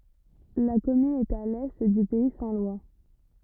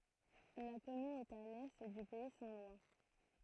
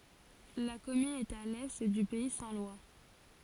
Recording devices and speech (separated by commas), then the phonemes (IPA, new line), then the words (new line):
rigid in-ear microphone, throat microphone, forehead accelerometer, read sentence
la kɔmyn ɛt a lɛ dy pɛi sɛ̃ lwa
La commune est à l'est du pays saint-lois.